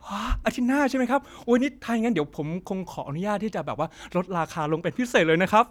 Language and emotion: Thai, happy